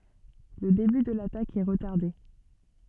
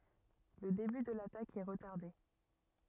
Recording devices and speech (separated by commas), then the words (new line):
soft in-ear microphone, rigid in-ear microphone, read sentence
Le début de l'attaque est retardé.